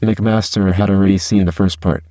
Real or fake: fake